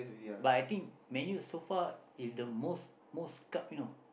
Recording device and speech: boundary microphone, conversation in the same room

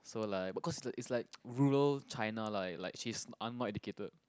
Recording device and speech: close-talking microphone, conversation in the same room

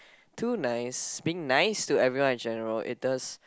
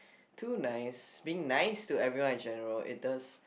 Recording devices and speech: close-talking microphone, boundary microphone, conversation in the same room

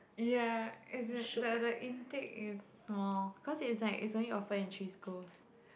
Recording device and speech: boundary microphone, conversation in the same room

